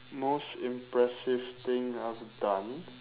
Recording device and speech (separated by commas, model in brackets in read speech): telephone, conversation in separate rooms